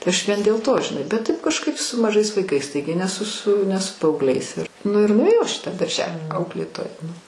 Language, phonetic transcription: Lithuanian, tai ˈaš ˈvien dėl ˈto žiˈnai bet ˈtaip kažˈkaip su maˈžais vaiˈkais ˈtaigi ne su su ˈne su paaugˈliais ir ˈnu ir nuėˈjau ˈaš į ˈtą darˈželį ˈauklėtoja

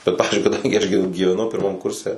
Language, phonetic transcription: Lithuanian, ˈbet ˈpavizdžiui kaˈdangi aš gi gyveˈnau pirˈmam ˈkurse

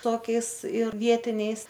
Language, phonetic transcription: Lithuanian, ˈtokiais ir ˈvietiniais

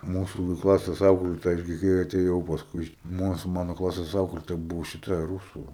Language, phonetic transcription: Lithuanian, ˈmūsu gi ˈklases ˈauklėtoja ˈgi kai ateˈjau pasˈkui iš ˈmūs ˈmano ˈklasės ˈauklėtoja ˈbuvo šiˈta ˈrūsu

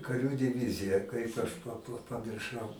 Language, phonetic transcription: Lithuanian, kaˈrių diˈvizija ˈkaip aš pa pa pamirˈšau

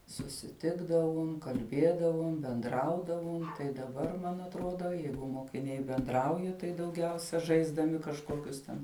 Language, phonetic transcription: Lithuanian, susiˈtikdavum kalˈbėdavum benˈdraudavum tai daˈbar man atˈrodo ˈjeigu mokiˈniai benˈdrauja tai dauˈgiausia žaisdaˈmi kažˈkokius ten

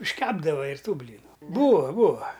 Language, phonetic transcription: Lithuanian, išˈkepdava ir ˈtų ˈblynu ˈbūva ˈbūva

